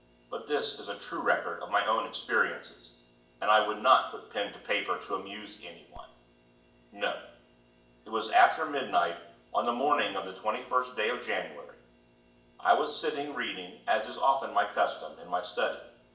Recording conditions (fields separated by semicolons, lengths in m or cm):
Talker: one person; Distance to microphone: 1.8 m; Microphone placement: close; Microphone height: 1.0 m; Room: large; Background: none